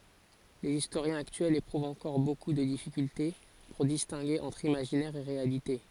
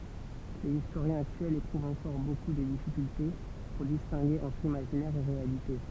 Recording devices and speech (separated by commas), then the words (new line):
forehead accelerometer, temple vibration pickup, read sentence
Les historiens actuels éprouvent encore beaucoup de difficultés pour distinguer entre imaginaire et réalité.